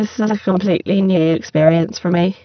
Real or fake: fake